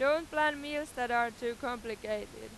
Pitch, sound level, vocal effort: 245 Hz, 98 dB SPL, very loud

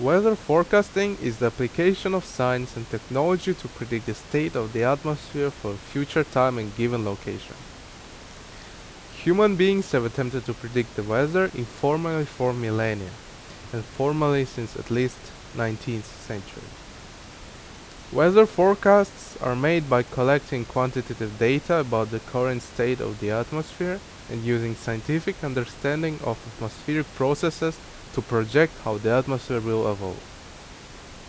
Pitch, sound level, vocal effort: 130 Hz, 84 dB SPL, loud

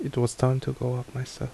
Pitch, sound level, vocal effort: 130 Hz, 72 dB SPL, soft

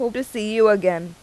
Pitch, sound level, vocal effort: 215 Hz, 89 dB SPL, loud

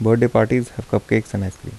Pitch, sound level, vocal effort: 110 Hz, 77 dB SPL, soft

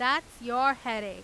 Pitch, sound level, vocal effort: 250 Hz, 98 dB SPL, very loud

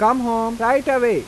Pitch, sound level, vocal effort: 235 Hz, 93 dB SPL, normal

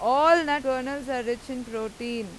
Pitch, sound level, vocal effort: 255 Hz, 95 dB SPL, very loud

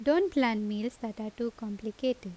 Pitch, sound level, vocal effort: 230 Hz, 82 dB SPL, normal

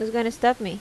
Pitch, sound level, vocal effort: 230 Hz, 83 dB SPL, normal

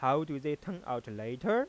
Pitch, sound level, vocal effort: 145 Hz, 93 dB SPL, normal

